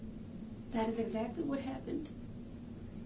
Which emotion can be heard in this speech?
sad